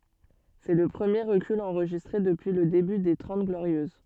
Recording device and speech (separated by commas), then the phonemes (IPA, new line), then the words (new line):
soft in-ear microphone, read sentence
sɛ lə pʁəmje ʁəkyl ɑ̃ʁʒistʁe dəpyi lə deby de tʁɑ̃t ɡloʁjøz
C'est le premier recul enregistré depuis le début des Trente Glorieuses.